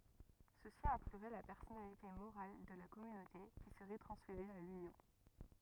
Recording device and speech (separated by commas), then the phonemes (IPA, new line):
rigid in-ear microphone, read sentence
səsi ɛ̃klyʁɛ la pɛʁsɔnalite moʁal də la kɔmynote ki səʁɛ tʁɑ̃sfeʁe a lynjɔ̃